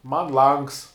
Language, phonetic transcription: Lithuanian, man ˈlangs

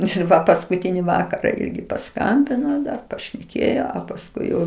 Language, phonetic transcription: Lithuanian, ir ˈva paskuˈtini ˈvakara ˈirgi paˈskambino dar pašneˈkėjo a pasˈkui jau

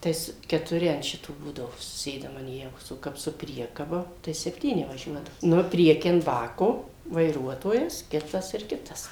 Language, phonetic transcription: Lithuanian, ˈtais ketuˈri an ˈšito ˈbūdavo suˈsėdam an ˈjavos o ˈkap su ˈpriekaba tai sepˈtyni vaˈžiuodavo ˈnu ˈprieky an ˈbako vaiˈruotojas ˈkitas ir ˈkitas

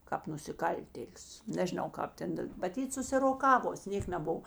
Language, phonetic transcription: Lithuanian, kāp nusiˈkaltėlius nežiˈnau ˈkāp ten da maˈtyt susiroˈkavos ˈnėk neˈbuv

